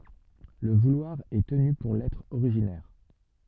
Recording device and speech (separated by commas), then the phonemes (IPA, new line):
soft in-ear microphone, read sentence
lə vulwaʁ ɛ təny puʁ lɛtʁ oʁiʒinɛʁ